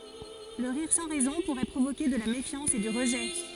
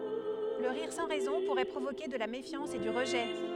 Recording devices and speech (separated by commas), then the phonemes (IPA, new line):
forehead accelerometer, headset microphone, read sentence
lə ʁiʁ sɑ̃ ʁɛzɔ̃ puʁɛ pʁovoke də la mefjɑ̃s e dy ʁəʒɛ